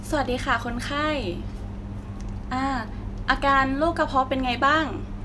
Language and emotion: Thai, neutral